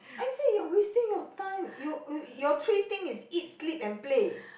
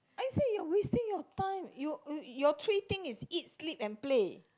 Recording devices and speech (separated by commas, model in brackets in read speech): boundary microphone, close-talking microphone, conversation in the same room